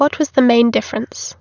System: none